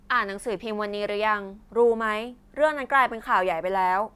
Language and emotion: Thai, neutral